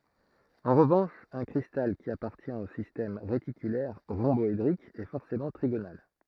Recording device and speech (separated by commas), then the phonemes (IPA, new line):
throat microphone, read sentence
ɑ̃ ʁəvɑ̃ʃ œ̃ kʁistal ki apaʁtjɛ̃t o sistɛm ʁetikylɛʁ ʁɔ̃bɔedʁik ɛ fɔʁsemɑ̃ tʁiɡonal